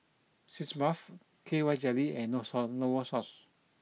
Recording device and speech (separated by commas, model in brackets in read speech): mobile phone (iPhone 6), read sentence